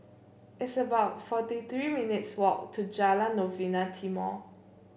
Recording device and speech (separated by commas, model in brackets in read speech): boundary microphone (BM630), read sentence